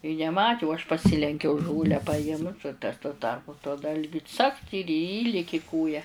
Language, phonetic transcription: Lithuanian, i neˈmati u aš paˈsilenkiau ˈžolę paˈimt u tas tuo ˈtarpu tuo ˈdalgiu cakt ir ˈįliki ˈkoja

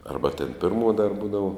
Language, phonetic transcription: Lithuanian, ˈarba tėn ˈpirmuo dar ˈbūdavo

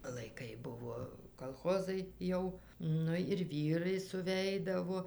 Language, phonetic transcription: Lithuanian, laiˈkai ˈbuvo kalˈchozai ˈjau ˈnu ir ˈvyrai suˈveidavo

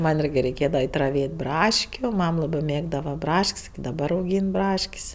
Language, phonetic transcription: Lithuanian, ˈman' ˈyrgi reiˈkėdava ˈait' raˈvėt' ˈbraškiu ˈmam ˈlabɜ ˈmėgdava ˈbrašk's' iki daˈbar auˈgyn ˈbrašk's'

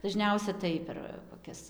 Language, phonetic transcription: Lithuanian, daˈžniausia tai per koˈkias

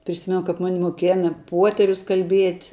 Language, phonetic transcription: Lithuanian, priˈsimenu kap ˈmani moˈkėna ˈpuoterius kalˈbiet'

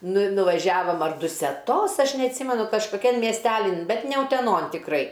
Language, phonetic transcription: Lithuanian, ˈnu i nuvaˈžiavom ar duseˈtos ˈaš neatˈsymenu kažkoˈkian miesˈtelin ˈbet ne uteˈnon tikˈrai

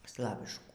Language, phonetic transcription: Lithuanian, ˈslaviškų

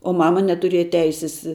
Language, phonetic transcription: Lithuanian, o ˈmama netuˈrėja ˈteisis

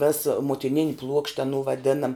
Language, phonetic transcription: Lithuanian, ves muotiˈnin' pluokšt' aˈnų vaˈdinam

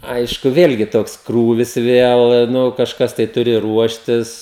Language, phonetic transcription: Lithuanian, ˈaišku ˈvėlgi ˈtoks ˈkrūvis ˈvėl nu kažˈkas tai ˈturi ˈruoštis

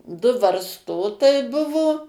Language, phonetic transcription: Lithuanian, du varsˈtotai ˈbuvo

